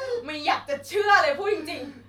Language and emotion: Thai, angry